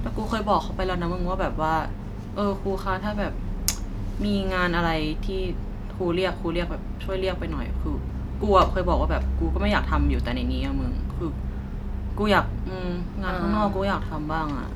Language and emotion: Thai, frustrated